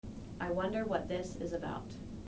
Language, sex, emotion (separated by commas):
English, female, neutral